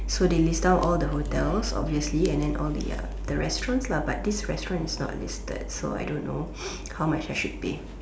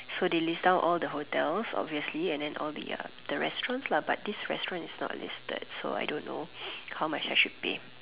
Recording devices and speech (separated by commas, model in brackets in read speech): standing microphone, telephone, conversation in separate rooms